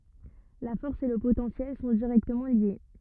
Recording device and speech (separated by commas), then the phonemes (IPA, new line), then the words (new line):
rigid in-ear microphone, read sentence
la fɔʁs e lə potɑ̃sjɛl sɔ̃ diʁɛktəmɑ̃ lje
La force et le potentiel sont directement liés.